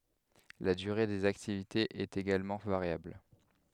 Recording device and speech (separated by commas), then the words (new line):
headset microphone, read sentence
La durée des activités est également variable.